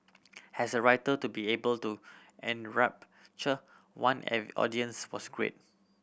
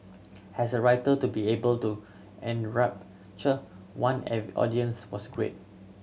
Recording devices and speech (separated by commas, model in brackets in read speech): boundary microphone (BM630), mobile phone (Samsung C7100), read sentence